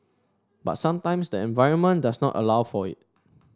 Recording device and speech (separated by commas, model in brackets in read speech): standing microphone (AKG C214), read sentence